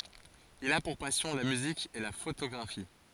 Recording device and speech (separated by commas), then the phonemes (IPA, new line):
forehead accelerometer, read sentence
il a puʁ pasjɔ̃ la myzik e la fotoɡʁafi